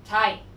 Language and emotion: Thai, angry